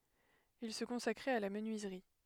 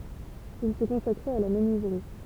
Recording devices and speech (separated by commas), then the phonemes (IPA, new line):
headset microphone, temple vibration pickup, read sentence
il sə kɔ̃sakʁɛt a la mənyizʁi